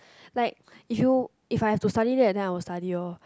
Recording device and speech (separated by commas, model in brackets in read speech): close-talking microphone, conversation in the same room